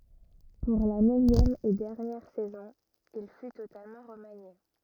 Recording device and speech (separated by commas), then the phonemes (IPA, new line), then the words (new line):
rigid in-ear microphone, read sentence
puʁ la nøvjɛm e dɛʁnjɛʁ sɛzɔ̃ il fy totalmɑ̃ ʁəmanje
Pour la neuvième et dernière saison, il fut totalement remanié.